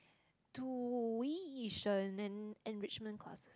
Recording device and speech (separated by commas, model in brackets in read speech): close-talking microphone, conversation in the same room